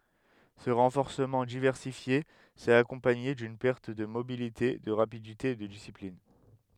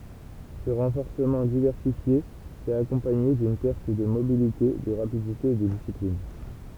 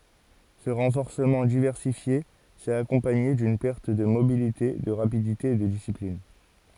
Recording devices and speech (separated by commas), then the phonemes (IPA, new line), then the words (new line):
headset microphone, temple vibration pickup, forehead accelerometer, read sentence
sə ʁɑ̃fɔʁsəmɑ̃ divɛʁsifje sɛt akɔ̃paɲe dyn pɛʁt də mobilite də ʁapidite e də disiplin
Ce renforcement diversifié s'est accompagné d'une perte de mobilité, de rapidité et de discipline.